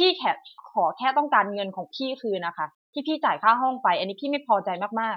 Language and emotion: Thai, angry